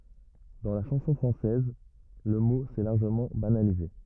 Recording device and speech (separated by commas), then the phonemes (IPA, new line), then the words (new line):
rigid in-ear microphone, read sentence
dɑ̃ la ʃɑ̃sɔ̃ fʁɑ̃sɛz lə mo sɛ laʁʒəmɑ̃ banalize
Dans la chanson française, le mot s'est largement banalisé.